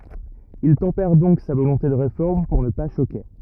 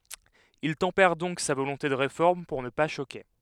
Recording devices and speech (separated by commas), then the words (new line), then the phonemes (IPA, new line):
rigid in-ear microphone, headset microphone, read sentence
Il tempère donc sa volonté de Réforme pour ne pas choquer.
il tɑ̃pɛʁ dɔ̃k sa volɔ̃te də ʁefɔʁm puʁ nə pa ʃoke